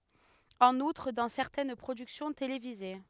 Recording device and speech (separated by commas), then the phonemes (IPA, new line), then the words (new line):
headset microphone, read sentence
ɑ̃n utʁ dɑ̃ sɛʁtɛn pʁodyksjɔ̃ televize
En outre, dans certaines productions télévisées.